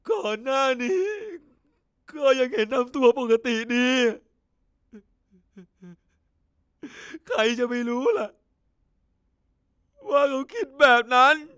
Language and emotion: Thai, sad